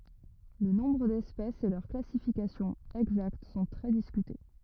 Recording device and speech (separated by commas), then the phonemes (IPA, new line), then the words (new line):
rigid in-ear microphone, read sentence
lə nɔ̃bʁ dɛspɛsz e lœʁ klasifikasjɔ̃ ɛɡzakt sɔ̃ tʁɛ diskyte
Le nombre d'espèces et leur classification exacte sont très discutés.